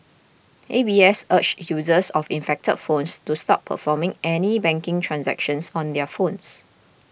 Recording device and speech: boundary microphone (BM630), read sentence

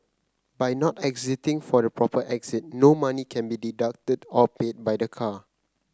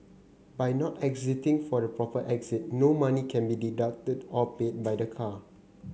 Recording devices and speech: close-talking microphone (WH30), mobile phone (Samsung C9), read sentence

